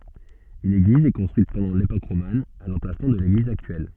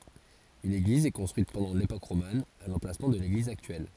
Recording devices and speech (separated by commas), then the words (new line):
soft in-ear microphone, forehead accelerometer, read sentence
Une église est construite pendant l'époque romane, à l'emplacement de l'église actuelle.